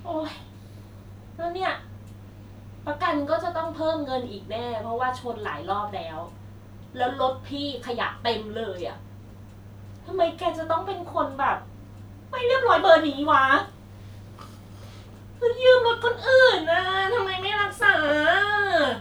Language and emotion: Thai, frustrated